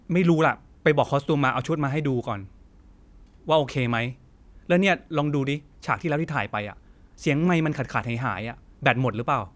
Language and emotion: Thai, angry